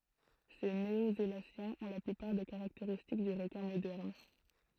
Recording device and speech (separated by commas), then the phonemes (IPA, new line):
throat microphone, read sentence
se neozelasjɛ̃z ɔ̃ la plypaʁ de kaʁakteʁistik dy ʁəkɛ̃ modɛʁn